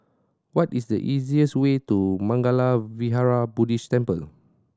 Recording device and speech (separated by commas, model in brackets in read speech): standing microphone (AKG C214), read sentence